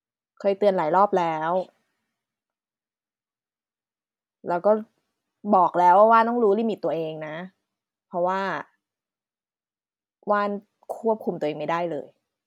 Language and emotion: Thai, frustrated